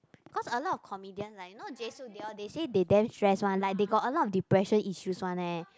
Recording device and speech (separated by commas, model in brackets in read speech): close-talking microphone, conversation in the same room